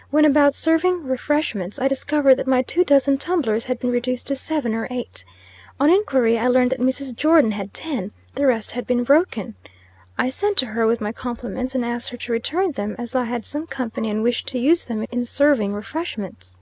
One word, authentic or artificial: authentic